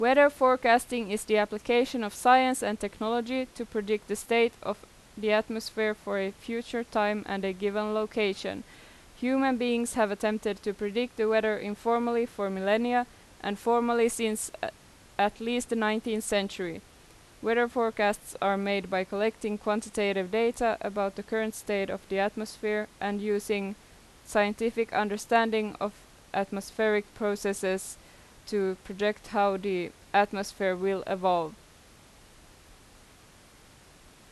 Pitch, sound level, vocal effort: 215 Hz, 87 dB SPL, loud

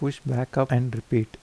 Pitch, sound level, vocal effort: 125 Hz, 78 dB SPL, soft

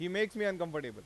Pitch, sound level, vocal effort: 175 Hz, 96 dB SPL, loud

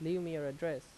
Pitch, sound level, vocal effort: 165 Hz, 85 dB SPL, normal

